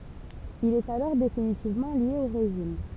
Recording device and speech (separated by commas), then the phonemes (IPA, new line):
temple vibration pickup, read sentence
il ɛt alɔʁ definitivmɑ̃ lje o ʁeʒim